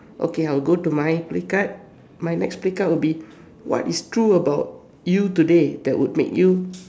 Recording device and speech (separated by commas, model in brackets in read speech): standing microphone, conversation in separate rooms